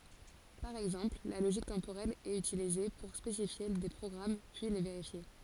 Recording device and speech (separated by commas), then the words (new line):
forehead accelerometer, read sentence
Par exemple, la logique temporelle est utilisée pour spécifier des programmes puis les vérifier.